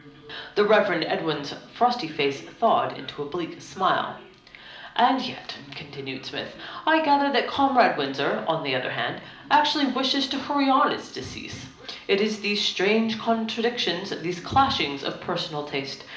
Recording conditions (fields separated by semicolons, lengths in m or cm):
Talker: one person; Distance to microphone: 2.0 m; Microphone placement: close; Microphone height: 99 cm; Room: medium-sized (5.7 m by 4.0 m); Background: television